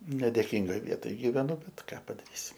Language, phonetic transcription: Lithuanian, nedėˈkyngoj ˈvietoj gyveˈnu ˈbet ˈką padaˈrysi

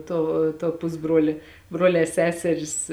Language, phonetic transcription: Lithuanian, ˈto to ˈpusbruolė ˈbruolē ˈseseris

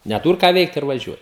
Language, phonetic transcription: Lithuanian, neˈtūr ką ˈveikt ir vaˈžiuoj

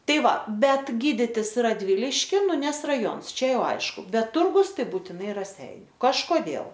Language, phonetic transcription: Lithuanian, ˈtai ˈva ˈbet ˈgyditis radˈviliškin nu ˈnes raˈjons ˈčia ˈjau ˈaišku ˈbet ˈturgus ˈtai būtiˈnai raˈseiniu kažkoˈdėl

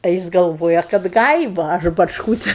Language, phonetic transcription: Lithuanian, a ˈjis galˈvoja kad ˈgaiva aš bačˈkūti

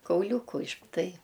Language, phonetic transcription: Lithuanian, kauˈliūku iš ˈtai

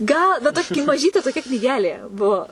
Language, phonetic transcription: Lithuanian, ˈgal bet ˈtoki maˈžytė toˈkia knyˈgelė ˈbuo

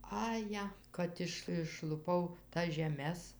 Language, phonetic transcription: Lithuanian, aˈje ˈkad iš išluˈpau tas žeˈmes

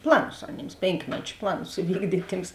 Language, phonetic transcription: Lithuanian, ˈplaˌnus aˈnėms ˈpėnkmeč' ˈplaˌnus iˈvykdyt' ˈtyms

